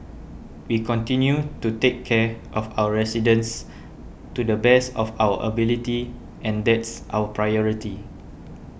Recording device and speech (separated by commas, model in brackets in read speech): boundary microphone (BM630), read sentence